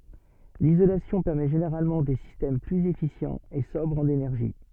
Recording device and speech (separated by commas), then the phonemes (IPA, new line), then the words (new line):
soft in-ear microphone, read sentence
lizolasjɔ̃ pɛʁmɛ ʒeneʁalmɑ̃ de sistɛm plyz efisjɑ̃z e sɔbʁz ɑ̃n enɛʁʒi
L'isolation permet généralement des systèmes plus efficients et sobres en énergie.